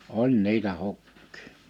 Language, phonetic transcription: Finnish, oĺ 'ni̬itä 'huk̀kɪɪ .
- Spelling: oli niitä hukkia

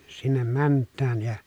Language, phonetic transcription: Finnish, sinnem mänt̆tääj ja .
- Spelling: sinne mennään ja

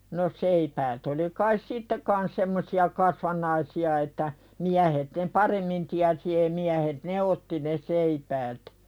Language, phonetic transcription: Finnish, no 'seipäät oli kais "sitte kans semmosi₍a 'kasvan̆naisi₍a että , 'miähet ne "paremmin tiäsi ei miähet "ne otti ne 'seipäät .
- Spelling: no seipäät oli kai sitten kanssa semmoisia kasvannaisia että miehet ne paremmin tiesi ei miehet ne otti ne seipäät

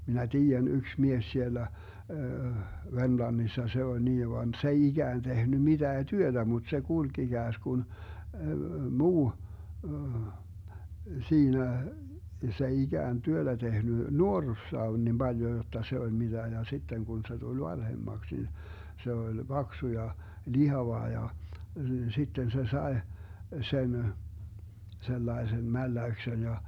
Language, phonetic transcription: Finnish, minä "tiijän 'yks 'mies 'sielä , 'Vermlannissa 'se ol 'nii van 's ‿ei 'iGään 'tehny 'miDää "työDä mut se 'kulG 'iGääsGun , 'muu , 'siinä , 's ‿ei 'iGään "työDä 'tehny , "nuorrussaa on nim 'Baljo jotta se 'oĺ miDä ja 'sitteŋ Gun se 'tul "vanhemmaks nin , 'se oĺ "Baksu ja , "lihava ja , 'sitten se "sae , 'sen , 'sellaesem "mälläyksen ja , .
- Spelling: minä tiedän yksi mies siellä Vermlannissa se oli niin vaan se ei ikään tehnyt mitään työtä mutta se kulki ikään kuin muu siinä se ei ikään työtä tehnyt nuoruudessaan on niin paljon jotta se oli mitä ja sitten kun se tuli vanhemmaksi niin se oli paksu ja lihava ja sitten se sai sen sellaisen mälläyksen ja

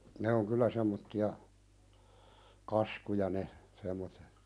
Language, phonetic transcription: Finnish, ne oŋ 'kyllä semmotti₍a , "kaskuja ne , sem̆motte .
- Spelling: ne on kyllä semmoisia kaskuja ne semmoiset

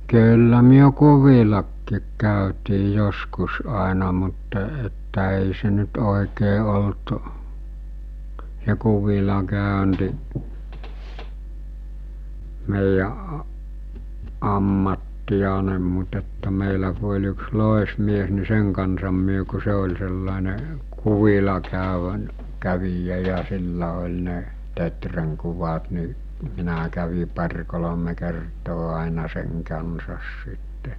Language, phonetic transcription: Finnish, kyyllä myö "kuvilakkiik kä̀ötii 'joskus àena mutta että èi se nyt òikee olt , s̬e 'kuvila 'kä̀önti , meijä a- , 'ammattijanem mut ‿että 'mèilä ku oĺ yks 'lòesmies ni 'seŋ kansam myö ku 'se ol̜ sellàene , 'kuvila käövä- , 'kävijä ja 'sillä oĺ ne , 'tetreŋ kuvat ni , 'minä kävi par̜ kolome kertoo àina seŋ kansas sitte .
- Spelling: kyllä me kuvillakin käytiin joskus aina mutta että ei se nyt oikein ollut se kuvilla käynti meidän - ammattiamme mutta että meillä kun oli yksi loismies niin sen kanssa me kun se oli sellainen kuvilla - kävijä ja sillä oli ne teeren kuvat niin minä kävin pari kolme kertaa aina sen kanssa sitten

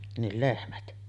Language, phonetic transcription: Finnish, nil 'lehmät .
- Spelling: niin lehmät

